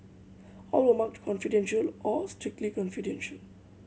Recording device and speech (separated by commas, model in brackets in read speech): mobile phone (Samsung C7100), read sentence